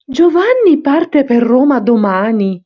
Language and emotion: Italian, surprised